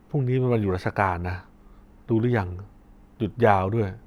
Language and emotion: Thai, neutral